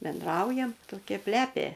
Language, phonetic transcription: Lithuanian, benˈdraujam toˈkia ˈplepė

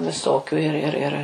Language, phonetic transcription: Lithuanian, viˈsokiu ir ir ˈir

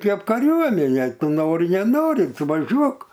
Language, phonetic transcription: Lithuanian, ˈkėp kaˈriuomenė ˈtu ˈnori neˈnori ˈtu vaˈžiuok

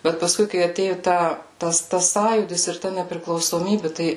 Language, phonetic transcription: Lithuanian, ˈbet paˈskui kai aˈtėjo ˈta ˈtas ˈtas ˈsąjūdis ir ˈta nepriklausoˈmybi ˈtai

